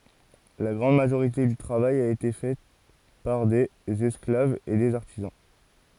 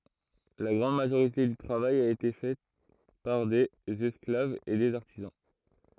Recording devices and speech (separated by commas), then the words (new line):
forehead accelerometer, throat microphone, read sentence
La grande majorité du travail a été fait par des esclaves et des artisans.